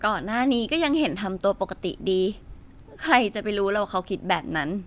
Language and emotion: Thai, sad